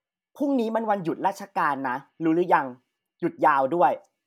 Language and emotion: Thai, frustrated